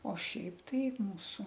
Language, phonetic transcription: Lithuanian, o ˈšiaip ˈtai ˈmūsu

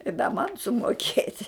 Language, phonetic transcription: Lithuanian, i da ˈman sumoˈkėt'

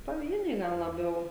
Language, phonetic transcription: Lithuanian, paˈvieniai ˈgal laˈbiau

